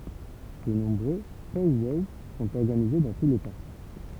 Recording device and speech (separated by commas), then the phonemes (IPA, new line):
temple vibration pickup, read sentence
də nɔ̃bʁø pɔw wɔw sɔ̃t ɔʁɡanize dɑ̃ tu leta